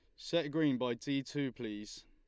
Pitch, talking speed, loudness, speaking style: 135 Hz, 195 wpm, -36 LUFS, Lombard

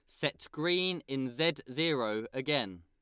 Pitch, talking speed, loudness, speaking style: 140 Hz, 140 wpm, -32 LUFS, Lombard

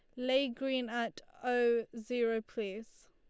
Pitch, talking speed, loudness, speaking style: 240 Hz, 125 wpm, -35 LUFS, Lombard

